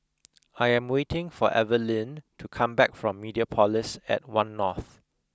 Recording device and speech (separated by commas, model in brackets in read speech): close-talking microphone (WH20), read sentence